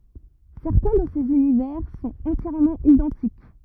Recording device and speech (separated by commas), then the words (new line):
rigid in-ear microphone, read sentence
Certains de ces univers sont entièrement identiques.